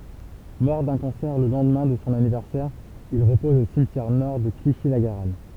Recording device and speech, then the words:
temple vibration pickup, read sentence
Mort d'un cancer le lendemain de son anniversaire, il repose au cimetière-Nord de Clichy-la-Garenne.

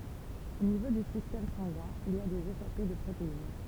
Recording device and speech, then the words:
temple vibration pickup, read sentence
Au niveau du système sanguin, il y a des échappées de protéines.

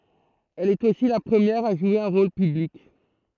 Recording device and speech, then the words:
throat microphone, read sentence
Elle est aussi la première à jouer un rôle public.

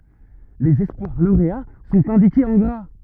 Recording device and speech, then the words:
rigid in-ear microphone, read sentence
Les espoirs lauréats sont indiqués en gras.

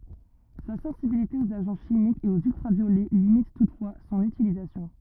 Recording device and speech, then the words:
rigid in-ear microphone, read sentence
Sa sensibilité aux agents chimiques et aux ultraviolets limite toutefois son utilisation.

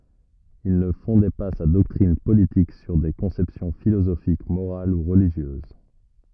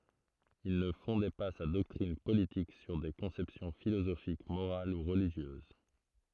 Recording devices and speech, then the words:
rigid in-ear microphone, throat microphone, read sentence
Il ne fondait pas sa doctrine politique sur des conceptions philosophiques morales ou religieuses.

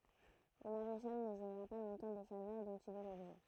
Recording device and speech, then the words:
throat microphone, read sentence
Le maréchal ne jouira pas longtemps des faveurs dont il est l'objet.

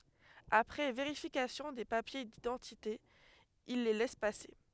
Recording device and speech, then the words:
headset microphone, read sentence
Après vérification des papiers d’identité, ils les laissent passer.

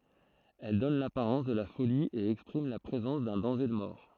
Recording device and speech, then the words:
throat microphone, read sentence
Elle donne l'apparence de la folie et exprime la présence d'un danger de mort.

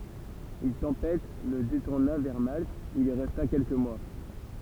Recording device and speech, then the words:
temple vibration pickup, read sentence
Une tempête le détourna vers Malte, où il resta quelques mois.

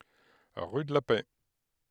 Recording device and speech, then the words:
headset microphone, read sentence
Rue de la Paix.

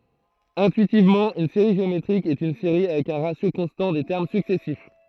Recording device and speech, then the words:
throat microphone, read sentence
Intuitivement, une série géométrique est une série avec un ratio constant des termes successifs.

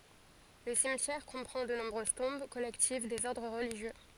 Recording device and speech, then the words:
forehead accelerometer, read sentence
Le cimetière comprend de nombreuses tombes collectives des ordres religieux.

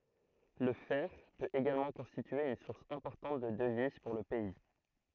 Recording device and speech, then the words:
throat microphone, read sentence
Le fer peut également constituer une source importante de devises pour le pays.

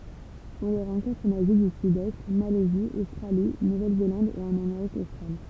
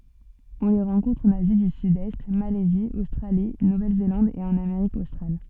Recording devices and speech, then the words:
temple vibration pickup, soft in-ear microphone, read sentence
On les rencontre en Asie du Sud-Est, Malaisie, Australie, Nouvelle-Zélande et en Amérique australe.

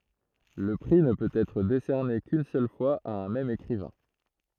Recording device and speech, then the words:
throat microphone, read sentence
Le prix ne peut être décerné qu'une seule fois à un même écrivain.

